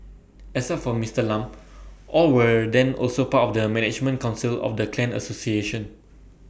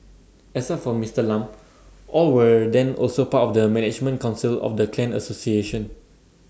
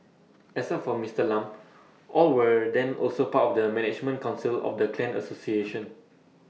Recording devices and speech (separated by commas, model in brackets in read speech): boundary microphone (BM630), standing microphone (AKG C214), mobile phone (iPhone 6), read sentence